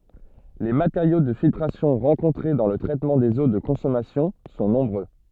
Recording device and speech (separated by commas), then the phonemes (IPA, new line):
soft in-ear microphone, read sentence
le mateʁjo də filtʁasjɔ̃ ʁɑ̃kɔ̃tʁe dɑ̃ lə tʁɛtmɑ̃ dez o də kɔ̃sɔmasjɔ̃ sɔ̃ nɔ̃bʁø